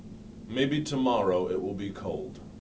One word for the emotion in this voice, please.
neutral